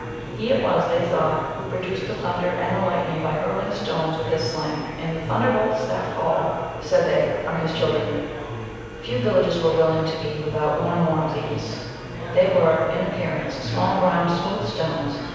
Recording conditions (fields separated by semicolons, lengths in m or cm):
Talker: one person; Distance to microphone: 7.1 m; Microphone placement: far; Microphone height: 1.7 m; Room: very reverberant, large; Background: babble